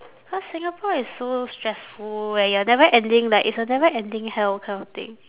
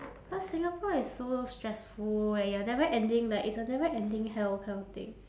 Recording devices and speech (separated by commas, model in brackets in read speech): telephone, standing microphone, conversation in separate rooms